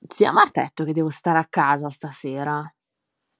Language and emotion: Italian, angry